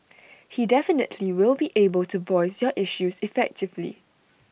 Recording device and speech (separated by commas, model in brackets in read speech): boundary microphone (BM630), read sentence